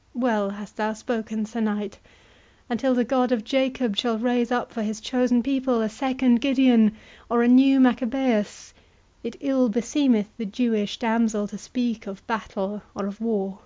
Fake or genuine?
genuine